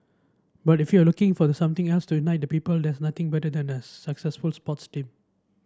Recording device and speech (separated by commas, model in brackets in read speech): standing microphone (AKG C214), read sentence